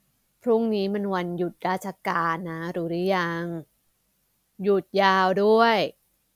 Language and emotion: Thai, frustrated